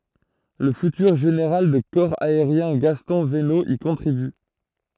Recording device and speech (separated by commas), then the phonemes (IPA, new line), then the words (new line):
throat microphone, read sentence
lə fytyʁ ʒeneʁal də kɔʁ aeʁjɛ̃ ɡastɔ̃ vəno i kɔ̃tʁiby
Le futur général de corps aérien Gaston Venot y contribue.